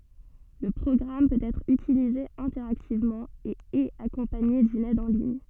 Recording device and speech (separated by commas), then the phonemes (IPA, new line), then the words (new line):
soft in-ear microphone, read sentence
lə pʁɔɡʁam pøt ɛtʁ ytilize ɛ̃tɛʁaktivmɑ̃ e ɛt akɔ̃paɲe dyn ɛd ɑ̃ liɲ
Le programme peut être utilisé interactivement, et est accompagné d'une aide en ligne.